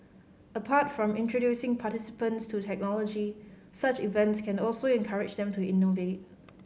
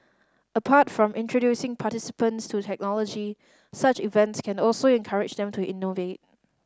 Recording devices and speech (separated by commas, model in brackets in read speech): mobile phone (Samsung C5010), standing microphone (AKG C214), read sentence